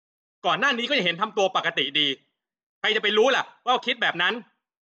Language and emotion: Thai, angry